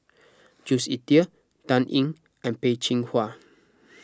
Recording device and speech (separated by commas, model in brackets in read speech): close-talking microphone (WH20), read sentence